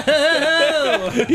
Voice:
silly voice